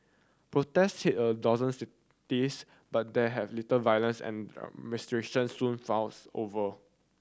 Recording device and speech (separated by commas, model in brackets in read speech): standing microphone (AKG C214), read sentence